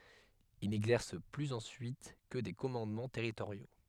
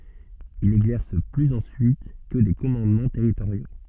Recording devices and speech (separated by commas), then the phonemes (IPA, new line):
headset microphone, soft in-ear microphone, read sentence
il nɛɡzɛʁs plyz ɑ̃syit kə de kɔmɑ̃dmɑ̃ tɛʁitoʁjo